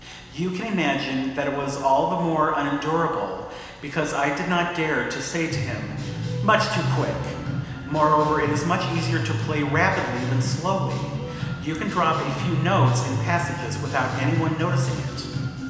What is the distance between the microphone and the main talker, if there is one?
1.7 m.